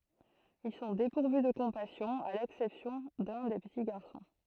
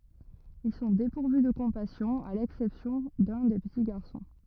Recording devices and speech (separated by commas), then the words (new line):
throat microphone, rigid in-ear microphone, read sentence
Ils sont dépourvus de compassion, à l'exception de l'un des petits garçons.